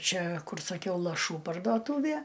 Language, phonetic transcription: Lithuanian, ˈčia ˈkur saˈkiau laˈšų parduoˈtūvie

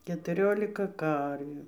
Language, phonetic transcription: Lithuanian, ketuˈriolika ˈkarvių

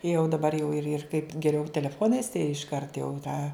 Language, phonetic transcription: Lithuanian, jau daˈbar jau ir ir kaip geˈriau teleˈfonais išˈkart jau ˈtą

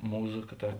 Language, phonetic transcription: Lithuanian, ˈmūˌza ka ˈta

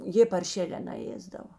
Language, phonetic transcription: Lithuanian, ˈjė parˈšėlē naˈėsdavo

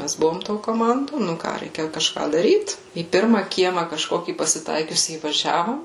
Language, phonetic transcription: Lithuanian, ˈmæs ˈbuvom to koˈmando ˈnu ką ˈreikia kažˈką daˈryt į ˈpirma ˈkiema kažˈkokį pasiˈtaikiusį įvaˈžiavom

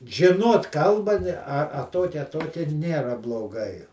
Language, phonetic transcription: Lithuanian, žiˈnot ˈkalba ˈne a ˈtokia a ˈtokiaˈnėra bloˈgai

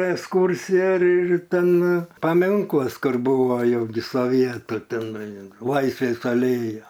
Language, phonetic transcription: Lithuanian, esˈkūrsija ir ir ˈten paˈminklas ˈkur ˈbūvo ˈjau gi soˈvietu teˈnai an ˈlaisvės aˈlėja

